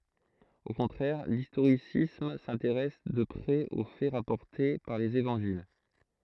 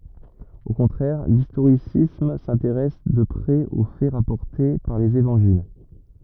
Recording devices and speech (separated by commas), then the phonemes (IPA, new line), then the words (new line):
throat microphone, rigid in-ear microphone, read sentence
o kɔ̃tʁɛʁ listoʁisism sɛ̃teʁɛs də pʁɛz o fɛ ʁapɔʁte paʁ lez evɑ̃ʒil
Au contraire, l'historicisme s'intéresse de près aux faits rapportés par les évangiles.